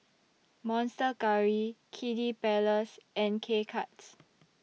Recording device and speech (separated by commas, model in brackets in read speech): mobile phone (iPhone 6), read sentence